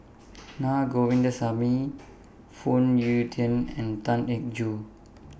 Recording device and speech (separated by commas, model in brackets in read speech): boundary microphone (BM630), read sentence